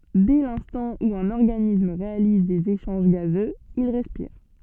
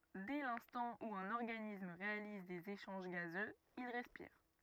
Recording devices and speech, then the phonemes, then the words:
soft in-ear microphone, rigid in-ear microphone, read sentence
dɛ lɛ̃stɑ̃ u œ̃n ɔʁɡanism ʁealiz dez eʃɑ̃ʒ ɡazøz il ʁɛspiʁ
Dès l'instant où un organisme réalise des échanges gazeux, il respire.

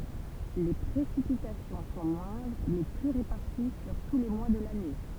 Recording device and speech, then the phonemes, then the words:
temple vibration pickup, read sentence
le pʁesipitasjɔ̃ sɔ̃ mwɛ̃dʁ mɛ ply ʁepaʁti syʁ tu le mwa də lane
Les précipitations sont moindres mais plus réparties sur tous les mois de l'année.

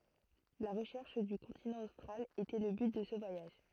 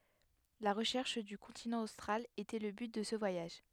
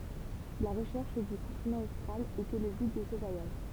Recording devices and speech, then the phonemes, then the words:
throat microphone, headset microphone, temple vibration pickup, read sentence
la ʁəʃɛʁʃ dy kɔ̃tinɑ̃ ostʁal etɛ lə byt də sə vwajaʒ
La recherche du continent austral était le but de ce voyage.

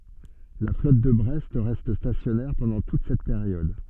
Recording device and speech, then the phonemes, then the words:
soft in-ear microphone, read sentence
la flɔt də bʁɛst ʁɛst stasjɔnɛʁ pɑ̃dɑ̃ tut sɛt peʁjɔd
La flotte de Brest reste stationnaire pendant toute cette période.

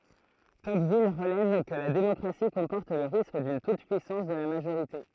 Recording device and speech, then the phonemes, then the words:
throat microphone, read sentence
tɔkvil ʁəlɛv kə la demɔkʁasi kɔ̃pɔʁt lə ʁisk dyn tutəpyisɑ̃s də la maʒoʁite
Tocqueville relève que la démocratie comporte le risque d'une toute-puissance de la majorité.

